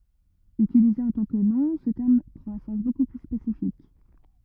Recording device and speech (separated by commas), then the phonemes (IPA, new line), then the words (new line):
rigid in-ear microphone, read sentence
ytilize ɑ̃ tɑ̃ kə nɔ̃ sə tɛʁm pʁɑ̃t œ̃ sɑ̃s boku ply spesifik
Utilisé en tant que nom, ce terme prend un sens beaucoup plus spécifique.